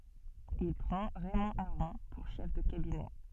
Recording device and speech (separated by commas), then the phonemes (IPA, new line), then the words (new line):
soft in-ear microphone, read sentence
il pʁɑ̃ ʁɛmɔ̃ aʁɔ̃ puʁ ʃɛf də kabinɛ
Il prend Raymond Aron pour chef de cabinet.